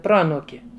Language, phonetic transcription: Lithuanian, ˈproanūki

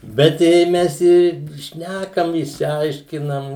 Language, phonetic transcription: Lithuanian, bet ˈjei ˈmes ir ˈšnækam išsiˈaiškinam

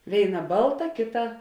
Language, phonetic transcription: Lithuanian, ˈvėiˌna ˈbalˌta ˈkėˌta

